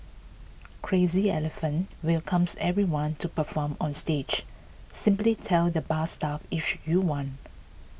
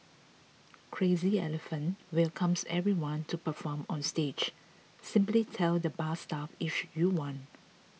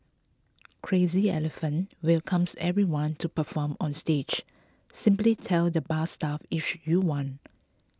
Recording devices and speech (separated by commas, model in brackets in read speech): boundary microphone (BM630), mobile phone (iPhone 6), close-talking microphone (WH20), read sentence